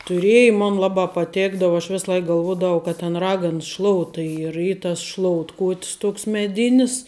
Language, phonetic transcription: Lithuanian, tuˈrėji ˈmon ˈlabā paˈtėkdav aš ˈvis ˈlaik galˈvuodavau kad tin ˈragans ˈšlouta ˈy ir ˈy tas ˈšloutkout's ˈtoks meˈdinis

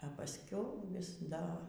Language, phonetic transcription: Lithuanian, a pasˈkiau vis ˈda

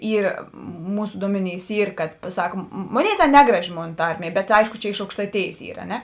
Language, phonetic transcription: Lithuanian, ˈyr ˈmūsu ˈduomeˌnys ˈyr kad paˈsak ˈmoˌnėi ˈtėn ˈnegraˌži ˈmon ˈtarˌmie ˈbet ˈaišku ˈčia iš aukštaiˈtėjės ˈyr a ˈne

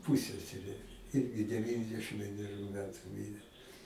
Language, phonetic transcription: Lithuanian, ˈpūseserė ˈirgi deˈvyndešim vieneˈrių ˈmetu ˈmyrė

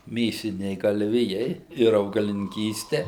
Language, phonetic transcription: Lithuanian, ˈmėsiniai galˈvijai ir augalininˈkyste

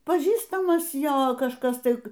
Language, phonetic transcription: Lithuanian, paˈžįstamas ˈjo kažˈkas ˈtai

